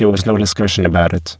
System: VC, spectral filtering